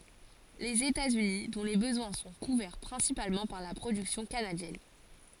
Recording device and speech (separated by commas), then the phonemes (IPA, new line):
forehead accelerometer, read sentence
lez etatsyni dɔ̃ le bəzwɛ̃ sɔ̃ kuvɛʁ pʁɛ̃sipalmɑ̃ paʁ la pʁodyksjɔ̃ kanadjɛn